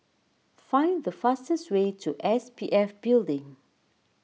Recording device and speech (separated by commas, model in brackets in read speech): mobile phone (iPhone 6), read sentence